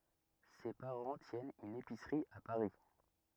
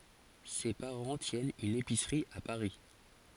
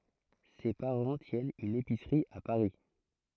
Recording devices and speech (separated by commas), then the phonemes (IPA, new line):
rigid in-ear microphone, forehead accelerometer, throat microphone, read sentence
se paʁɑ̃ tjɛnt yn episʁi a paʁi